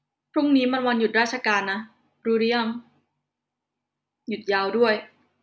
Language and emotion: Thai, frustrated